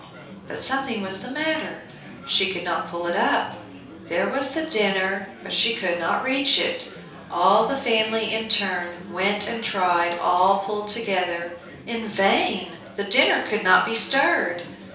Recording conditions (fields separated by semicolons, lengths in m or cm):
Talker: one person; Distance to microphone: 3.0 m; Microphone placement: far; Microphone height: 1.8 m; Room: small (3.7 m by 2.7 m); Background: babble